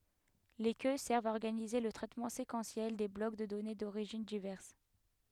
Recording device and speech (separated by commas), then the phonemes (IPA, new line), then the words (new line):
headset microphone, read sentence
le kø sɛʁvt a ɔʁɡanize lə tʁɛtmɑ̃ sekɑ̃sjɛl de blɔk də dɔne doʁiʒin divɛʁs
Les queues servent à organiser le traitement séquentiel des blocs de données d'origines diverses.